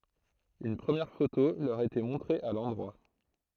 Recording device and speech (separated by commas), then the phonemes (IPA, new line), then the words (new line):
throat microphone, read sentence
yn pʁəmjɛʁ foto lœʁ etɛ mɔ̃tʁe a lɑ̃dʁwa
Une première photo leur était montrée à l'endroit.